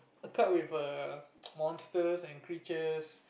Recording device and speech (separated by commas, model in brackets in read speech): boundary microphone, conversation in the same room